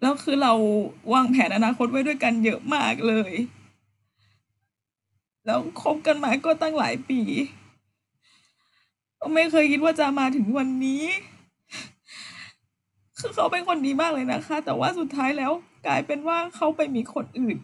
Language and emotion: Thai, sad